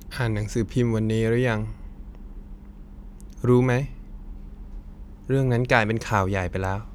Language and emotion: Thai, sad